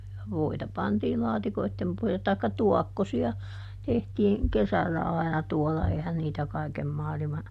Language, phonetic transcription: Finnish, (ja) "voita ˈpantii ˈlaatikoittem pohja(llet) taikka "tuɔkkosi₍a , ˈtehtiiŋ "kesällä ai̮na ˈtuɔlla ˈeihän niitä ˈkaikem ˈmaalima ,.
- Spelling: ja voita pantiin laatikoiden pohjalle tai tuokkosia tehtiin kesällä aina tuolla eihän niitä kaiken maailma

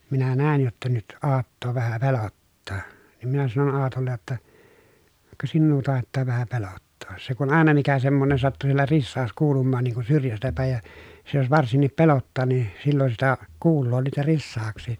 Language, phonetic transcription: Finnish, minä nä̀in jotta nyt Aattoo vähä pelottaa , niim minä sanon Aatollej jotta , » ka , sinnuu tàettaa vähä pelottoos » se kun àena mikä semmonen sattu siellä rissaas kuulummaan niiŋ kun syrjästä pä̀ej ja , se jos varsinnip pelottaa ni , sillon sitä , kuulloo niitä rissaaks̀ì .
- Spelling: minä näin jotta nyt Aattoa vähän pelottaa niin minä sanoin Aatolle jotta ka sinua taitaa vähän pelottaa se kun aina mikä semmoinen sattui siellä risaus kuulumaan niin kuin syrjästä päin ja se jos varsinkin pelottaa niin silloin sitä kuulee niitä risauksia

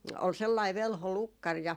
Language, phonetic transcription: Finnish, ol 'sellai 'velho "lukkar ja ,.
- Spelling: oli sellainen velho lukkari ja

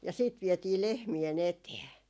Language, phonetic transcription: Finnish, ja ‿siit 'vietii 'lehmie"n ‿etee .
- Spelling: ja sitten vietiin lehmien eteen

